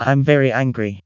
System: TTS, vocoder